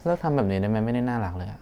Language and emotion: Thai, frustrated